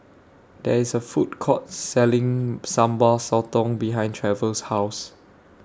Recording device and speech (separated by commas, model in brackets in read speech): standing microphone (AKG C214), read sentence